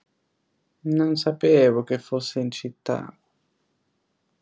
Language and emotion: Italian, sad